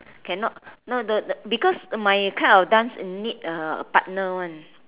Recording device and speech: telephone, conversation in separate rooms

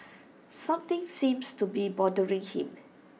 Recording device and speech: mobile phone (iPhone 6), read sentence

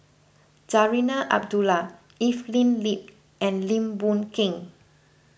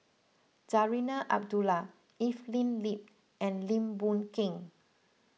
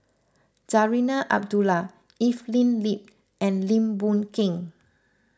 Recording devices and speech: boundary microphone (BM630), mobile phone (iPhone 6), close-talking microphone (WH20), read sentence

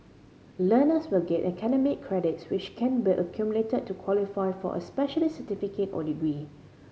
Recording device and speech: mobile phone (Samsung C5010), read sentence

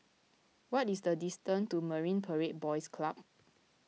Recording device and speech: mobile phone (iPhone 6), read sentence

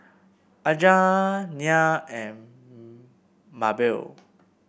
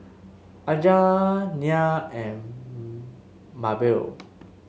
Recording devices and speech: boundary microphone (BM630), mobile phone (Samsung S8), read sentence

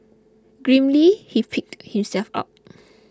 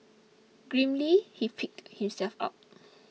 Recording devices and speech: close-talking microphone (WH20), mobile phone (iPhone 6), read sentence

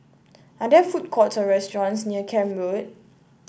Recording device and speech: boundary microphone (BM630), read sentence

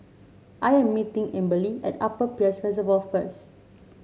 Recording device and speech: mobile phone (Samsung C7), read sentence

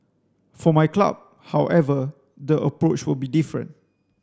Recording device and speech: standing microphone (AKG C214), read sentence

